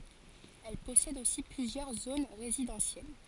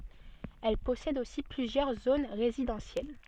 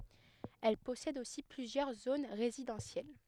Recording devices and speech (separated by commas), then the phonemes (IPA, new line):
forehead accelerometer, soft in-ear microphone, headset microphone, read sentence
ɛl pɔsɛd osi plyzjœʁ zon ʁezidɑ̃sjɛl